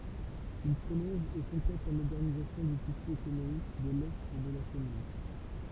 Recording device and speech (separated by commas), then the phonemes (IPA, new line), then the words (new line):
temple vibration pickup, read sentence
il pʁolɔ̃ʒ e kɔ̃plɛt la modɛʁnizasjɔ̃ dy tisy ekonomik də lɛ də la kɔmyn
Il prolonge et complète la modernisation du tissu économique de l’est de la commune.